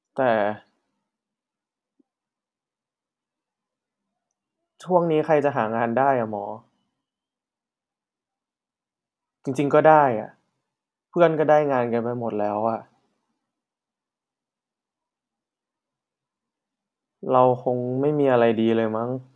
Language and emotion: Thai, frustrated